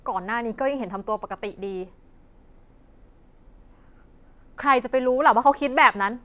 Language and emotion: Thai, angry